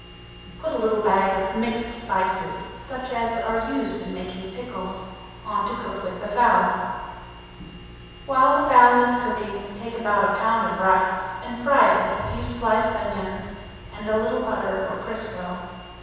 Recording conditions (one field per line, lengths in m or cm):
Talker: one person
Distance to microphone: 7.1 m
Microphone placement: far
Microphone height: 1.7 m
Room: very reverberant, large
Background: none